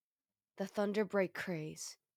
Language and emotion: English, angry